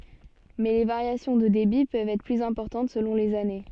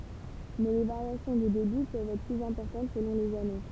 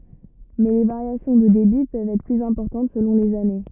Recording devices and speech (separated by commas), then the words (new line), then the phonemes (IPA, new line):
soft in-ear microphone, temple vibration pickup, rigid in-ear microphone, read sentence
Mais les variations de débit peuvent être plus importantes selon les années.
mɛ le vaʁjasjɔ̃ də debi pøvt ɛtʁ plyz ɛ̃pɔʁtɑ̃t səlɔ̃ lez ane